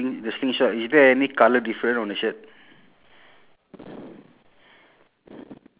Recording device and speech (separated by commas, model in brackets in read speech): telephone, conversation in separate rooms